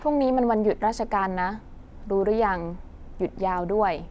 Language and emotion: Thai, neutral